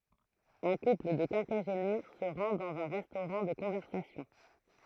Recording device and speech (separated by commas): throat microphone, read sentence